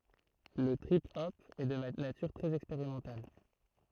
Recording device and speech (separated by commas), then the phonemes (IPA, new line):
throat microphone, read sentence
lə tʁip ɔp ɛ də natyʁ tʁɛz ɛkspeʁimɑ̃tal